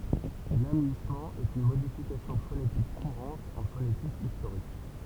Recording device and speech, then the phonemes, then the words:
temple vibration pickup, read sentence
lamyismɑ̃ ɛt yn modifikasjɔ̃ fonetik kuʁɑ̃t ɑ̃ fonetik istoʁik
L'amuïssement est une modification phonétique courante en phonétique historique.

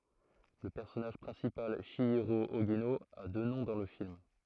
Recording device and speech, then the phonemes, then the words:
throat microphone, read sentence
lə pɛʁsɔnaʒ pʁɛ̃sipal ʃjiʁo oʒino a dø nɔ̃ dɑ̃ lə film
Le personnage principal, Chihiro Ogino, a deux noms dans le film.

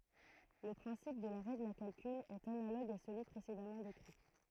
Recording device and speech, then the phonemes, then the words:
throat microphone, read sentence
lə pʁɛ̃sip də la ʁɛɡl a kalkyl ɛt analoɡ a səlyi pʁesedamɑ̃ dekʁi
Le principe de la règle à calcul est analogue à celui précédemment décrit.

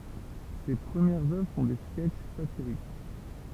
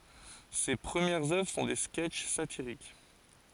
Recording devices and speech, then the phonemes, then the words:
temple vibration pickup, forehead accelerometer, read sentence
se pʁəmjɛʁz œvʁ sɔ̃ de skɛtʃ satiʁik
Ses premières œuvres sont des sketches satiriques.

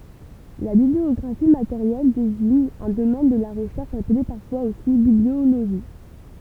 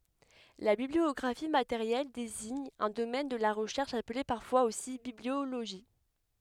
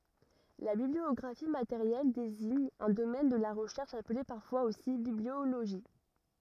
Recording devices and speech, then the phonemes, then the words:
temple vibration pickup, headset microphone, rigid in-ear microphone, read sentence
la bibliɔɡʁafi mateʁjɛl deziɲ œ̃ domɛn də la ʁəʃɛʁʃ aple paʁfwaz osi biblioloʒi
La bibliographie matérielle désigne un domaine de la recherche appelé parfois aussi bibliologie.

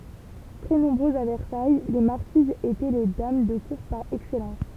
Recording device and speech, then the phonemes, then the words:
temple vibration pickup, read sentence
tʁɛ nɔ̃bʁøzz a vɛʁsaj le maʁkizz etɛ le dam də kuʁ paʁ ɛksɛlɑ̃s
Très nombreuses à Versailles, les marquises étaient les dames de cour par excellence.

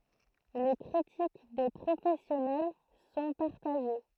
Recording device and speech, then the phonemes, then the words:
throat microphone, read sentence
le kʁitik de pʁofɛsjɔnɛl sɔ̃ paʁtaʒe
Les critiques des professionnels sont partagées.

